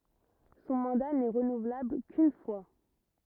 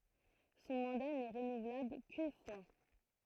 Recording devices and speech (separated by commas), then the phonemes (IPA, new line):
rigid in-ear microphone, throat microphone, read sentence
sɔ̃ mɑ̃da nɛ ʁənuvlabl kyn fwa